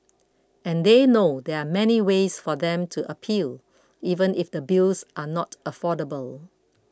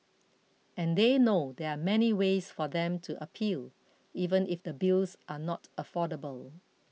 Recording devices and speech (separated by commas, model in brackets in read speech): close-talking microphone (WH20), mobile phone (iPhone 6), read sentence